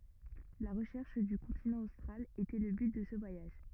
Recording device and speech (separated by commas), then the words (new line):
rigid in-ear microphone, read sentence
La recherche du continent austral était le but de ce voyage.